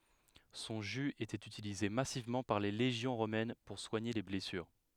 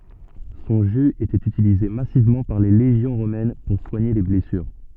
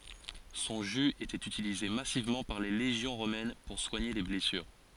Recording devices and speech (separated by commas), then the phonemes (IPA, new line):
headset microphone, soft in-ear microphone, forehead accelerometer, read sentence
sɔ̃ ʒy etɛt ytilize masivmɑ̃ paʁ le leʒjɔ̃ ʁomɛn puʁ swaɲe le blɛsyʁ